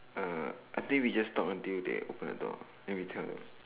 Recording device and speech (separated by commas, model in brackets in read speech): telephone, conversation in separate rooms